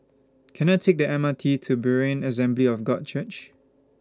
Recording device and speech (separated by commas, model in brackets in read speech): standing microphone (AKG C214), read sentence